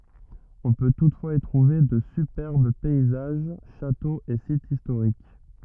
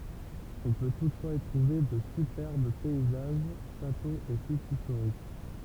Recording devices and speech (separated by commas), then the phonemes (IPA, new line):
rigid in-ear microphone, temple vibration pickup, read sentence
ɔ̃ pø tutfwaz i tʁuve də sypɛʁb pɛizaʒ ʃatoz e sitz istoʁik